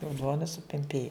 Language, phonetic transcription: Lithuanian, o ˈduona supemˈpėju

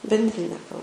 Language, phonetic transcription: Lithuanian, bendˈrinė kal

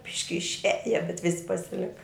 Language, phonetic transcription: Lithuanian, ˈbiški išˈiaja bet ˈvisi pasiˈlika

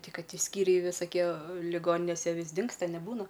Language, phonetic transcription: Lithuanian, ˈti ˈkad ˈti ˈskyriai visaˈkie liˈgoninėse ˈvis ˈdingsta neˈbūna

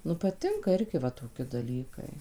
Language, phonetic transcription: Lithuanian, ˈnu paˈtinka ˈirgi va toˈki daˈlykai

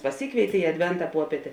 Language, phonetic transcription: Lithuanian, paˈsykvėitė i adˈventa ˈpuopietė

